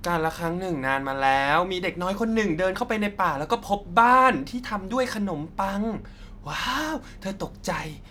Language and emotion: Thai, happy